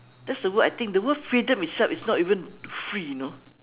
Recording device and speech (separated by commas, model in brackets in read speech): telephone, conversation in separate rooms